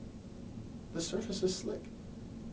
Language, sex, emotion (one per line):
English
male
neutral